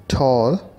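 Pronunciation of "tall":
'Tall' is pronounced correctly here.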